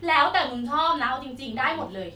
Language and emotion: Thai, neutral